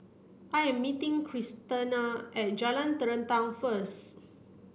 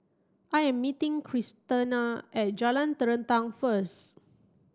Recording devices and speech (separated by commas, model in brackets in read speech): boundary microphone (BM630), standing microphone (AKG C214), read sentence